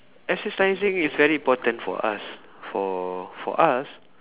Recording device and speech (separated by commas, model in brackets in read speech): telephone, conversation in separate rooms